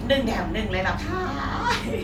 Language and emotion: Thai, happy